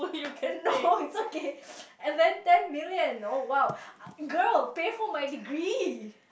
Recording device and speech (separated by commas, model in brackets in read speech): boundary microphone, conversation in the same room